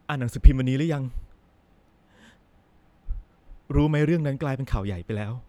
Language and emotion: Thai, frustrated